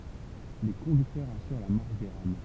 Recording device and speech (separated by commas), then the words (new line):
temple vibration pickup, read sentence
Les conducteurs assurent la marche des rames.